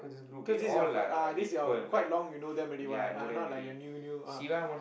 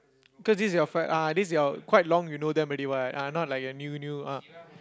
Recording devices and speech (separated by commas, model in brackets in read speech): boundary microphone, close-talking microphone, conversation in the same room